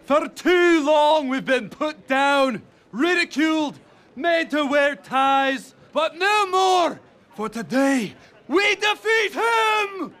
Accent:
Scottish accent